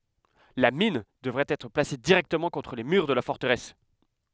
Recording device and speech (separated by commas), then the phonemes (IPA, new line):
headset microphone, read sentence
la min dəvɛt ɛtʁ plase diʁɛktəmɑ̃ kɔ̃tʁ le myʁ də la fɔʁtəʁɛs